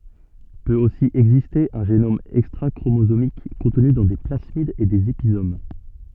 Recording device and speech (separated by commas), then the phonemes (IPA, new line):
soft in-ear microphone, read sentence
pøt osi ɛɡziste œ̃ ʒenom ɛkstʁakʁomozomik kɔ̃tny dɑ̃ de plasmidz e dez epizom